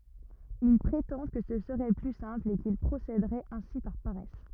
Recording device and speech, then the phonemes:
rigid in-ear microphone, read sentence
il pʁetɑ̃ kə sə səʁɛ ply sɛ̃pl e kil pʁosedəʁɛt ɛ̃si paʁ paʁɛs

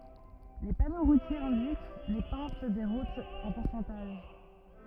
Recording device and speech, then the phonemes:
rigid in-ear microphone, read sentence
le pano ʁutjez ɛ̃dik le pɑ̃t de ʁutz ɑ̃ puʁsɑ̃taʒ

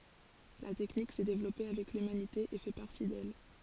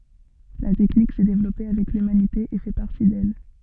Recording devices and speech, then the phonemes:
forehead accelerometer, soft in-ear microphone, read sentence
la tɛknik sɛ devlɔpe avɛk lymanite e fɛ paʁti dɛl

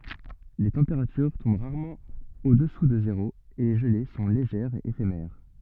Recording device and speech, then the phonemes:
soft in-ear microphone, read sentence
le tɑ̃peʁatyʁ tɔ̃b ʁaʁmɑ̃ odɛsu də zeʁo e le ʒəle sɔ̃ leʒɛʁz e efemɛʁ

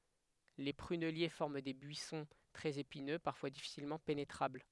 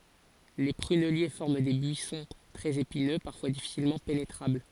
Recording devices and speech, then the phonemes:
headset microphone, forehead accelerometer, read sentence
le pʁynɛlje fɔʁm de byisɔ̃ tʁɛz epinø paʁfwa difisilmɑ̃ penetʁabl

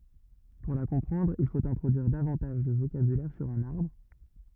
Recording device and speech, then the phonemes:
rigid in-ear microphone, read sentence
puʁ la kɔ̃pʁɑ̃dʁ il fot ɛ̃tʁodyiʁ davɑ̃taʒ də vokabylɛʁ syʁ œ̃n aʁbʁ

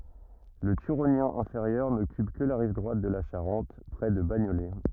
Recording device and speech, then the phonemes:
rigid in-ear microphone, read sentence
lə tyʁonjɛ̃ ɛ̃feʁjœʁ nɔkyp kə la ʁiv dʁwat də la ʃaʁɑ̃t pʁɛ də baɲolɛ

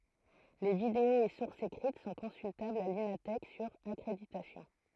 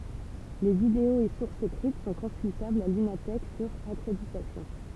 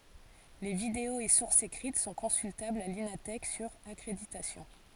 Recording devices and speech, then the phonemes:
throat microphone, temple vibration pickup, forehead accelerometer, read sentence
le videoz e suʁsz ekʁit sɔ̃ kɔ̃syltablz a lina tɛk syʁ akʁeditasjɔ̃

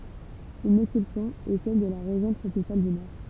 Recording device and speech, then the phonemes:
temple vibration pickup, read sentence
yn ɛksɛpsjɔ̃ ɛ sɛl də la ʁeʒjɔ̃ tʁopikal dy nɔʁ

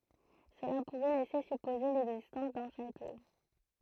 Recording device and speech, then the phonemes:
throat microphone, read sentence
səla puʁɛ lɛse sypoze lɛɡzistɑ̃s dœ̃ ʃato

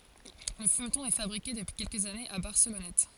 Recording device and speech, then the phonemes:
forehead accelerometer, read sentence
lə fymtɔ̃ ɛ fabʁike dəpyi kɛlkəz anez a baʁsəlɔnɛt

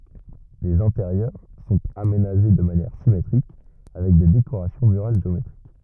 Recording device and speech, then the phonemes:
rigid in-ear microphone, read sentence
lez ɛ̃teʁjœʁ sɔ̃t amenaʒe də manjɛʁ simetʁik avɛk de dekoʁasjɔ̃ myʁal ʒeometʁik

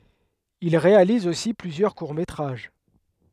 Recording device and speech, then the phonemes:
headset microphone, read sentence
il ʁealiz osi plyzjœʁ kuʁ metʁaʒ

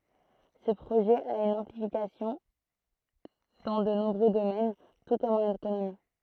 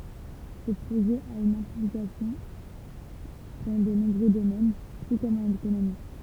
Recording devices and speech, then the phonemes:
throat microphone, temple vibration pickup, read sentence
sə pʁoʒɛ a yn ɛ̃plikasjɔ̃ dɑ̃ də nɔ̃bʁø domɛn tu kɔm ɑ̃n ekonomi

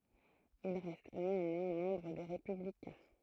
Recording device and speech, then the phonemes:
throat microphone, read sentence
il ʁɛst neɑ̃mwɛ̃ mɑ̃bʁ de ʁepyblikɛ̃

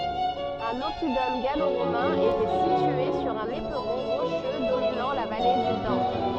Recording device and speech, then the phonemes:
soft in-ear microphone, read sentence
œ̃n ɔpidɔm ɡalo ʁomɛ̃ etɛ sitye syʁ œ̃n epʁɔ̃ ʁoʃø dominɑ̃ la vale dy dan

